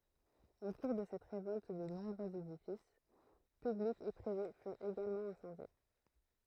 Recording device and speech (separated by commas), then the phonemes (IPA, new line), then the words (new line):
throat microphone, read sentence
o kuʁ də sɛt ʁevɔlt də nɔ̃bʁøz edifis pyblikz e pʁive fyʁt eɡalmɑ̃ ɛ̃sɑ̃dje
Au cours de cette révolte de nombreux édifices publics et privés furent également incendiés.